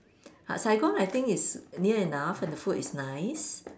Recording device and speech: standing microphone, conversation in separate rooms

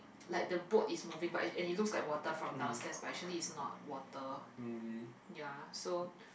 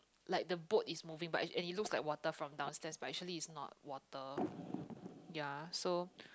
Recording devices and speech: boundary microphone, close-talking microphone, conversation in the same room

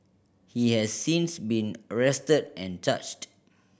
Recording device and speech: boundary microphone (BM630), read sentence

